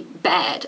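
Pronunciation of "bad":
'Bad' is said the American English way, with a vowel like an open E.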